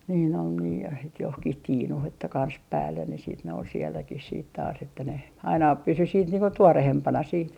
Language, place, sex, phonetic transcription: Finnish, Artjärvi, female, niin ‿ol nii ja 'het 'johkih "tiinuh että 'kans 'päällen ne siit ne ol sielläkih siit taas että ne , 'aina 'pysy siit 'niiŋ ko "tuorehempana siit .
- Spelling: niin oli niin ja heti johonkin tiinuun että kansi päälle ne sitten ne oli sielläkin sitten taas että ne aina pysyi sitten niin kuin tuoreempana sitten

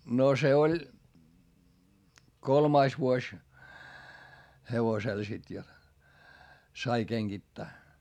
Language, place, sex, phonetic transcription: Finnish, Hietamäki, male, no se oĺ , kolmais vuoś , hevosel sit jot , sai keŋGittää .
- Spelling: no se oli kolmas vuosi hevosella sitten jotta sai kengittää

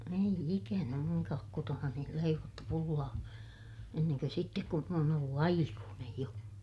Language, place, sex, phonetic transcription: Finnish, Ilmajoki, female, ei ikänä muŋkaak kotonani leivottu pullaa , enneŋkö sittek kun , m ‿oon ollu aikuunej jo .
- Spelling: ei ikänä minunkaan kotonani leivottu pullaa ennen kuin sitten kun minä olen ollut aikuinen jo

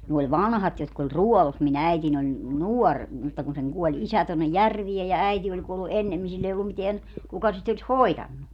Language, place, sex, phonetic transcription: Finnish, Padasjoki, female, ne oĺ "vanhat jotk ‿oĺ "ruɔlus mi'n ‿äitin ‿oĺ , "nuor , mutta kun seŋ 'kuɔĺ "isä tonnej "järviej ja "äiti oĺ 'kuollu "ʼennemmin sill ‿ei ollum 'miteän , 'kuka sit ‿oĺis "hoitannu .
- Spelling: ne oli vanhat jotka oli ruodussa minun äitini oli nuori mutta kun sen kuoli isä tuonne järveen ja äiti oli kuollut ennemmin sillä ei ollut mitään kuka sitä olisi hoitanut

